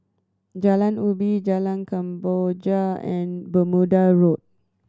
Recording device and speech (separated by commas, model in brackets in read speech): standing microphone (AKG C214), read sentence